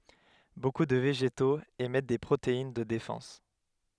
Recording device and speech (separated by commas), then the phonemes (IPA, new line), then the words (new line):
headset microphone, read sentence
boku də veʒetoz emɛt de pʁotein də defɑ̃s
Beaucoup de végétaux émettent des protéines de défense.